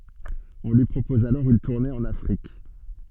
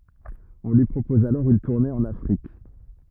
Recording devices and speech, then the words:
soft in-ear microphone, rigid in-ear microphone, read sentence
On lui propose alors une tournée en Afrique.

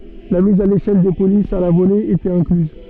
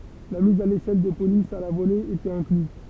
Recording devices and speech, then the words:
soft in-ear microphone, temple vibration pickup, read sentence
La mise à l'échelle des polices à la volée était incluse.

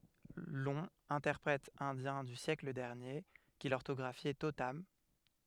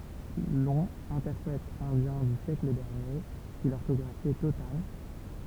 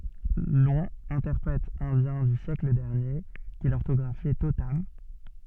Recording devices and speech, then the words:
headset microphone, temple vibration pickup, soft in-ear microphone, read sentence
Long, interprète indien du siècle dernier, qui l’orthographiait totam.

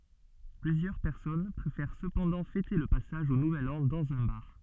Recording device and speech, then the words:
soft in-ear microphone, read sentence
Plusieurs personnes préfèrent cependant fêter le passage au nouvel an dans un bar.

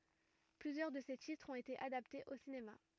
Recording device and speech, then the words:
rigid in-ear microphone, read sentence
Plusieurs de ses titres ont été adaptés au cinéma.

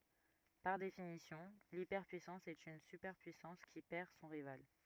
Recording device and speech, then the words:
rigid in-ear microphone, read sentence
Par définition, l’hyperpuissance est une superpuissance qui perd son rival.

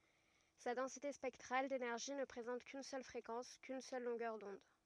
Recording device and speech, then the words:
rigid in-ear microphone, read sentence
Sa densité spectrale d'énergie ne présente qu'une seule fréquence, qu'une seule longueur d'onde.

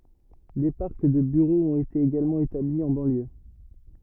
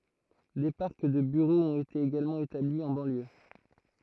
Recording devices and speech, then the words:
rigid in-ear microphone, throat microphone, read sentence
Des parcs de bureaux ont été également établis en banlieue.

